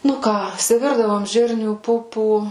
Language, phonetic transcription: Lithuanian, nu ˈką isiˈvirdavom ˈžirnių ˈpupų

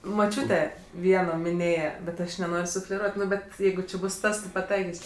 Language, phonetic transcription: Lithuanian, moˈčiūte ˈvieno miˈnėje bet ˈaš neˈnor' sufleˈruot' ˈnu ˈbet ˈjeigu či ˈbus ˈtas ti paˈtaikis'

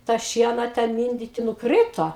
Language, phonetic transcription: Lithuanian, tą ˈšiena ˈten ˈminditi nuˈkryto

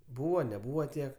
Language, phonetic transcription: Lithuanian, ˈbūvo neˈbūvo ˈtiek

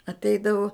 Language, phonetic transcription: Lithuanian, atˈeidavu

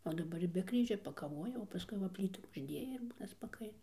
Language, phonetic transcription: Lithuanian, o daˈbar ir be ˈkryžio pakaˈvoja o paˈskui va ˈplytų užˈdėja ir ˈbūna spaˈkaina

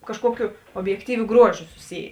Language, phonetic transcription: Lithuanian, kažˈkuokiu objekˈtyviu ˈgruoˌžiu suˈsyjė

